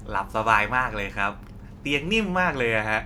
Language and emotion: Thai, happy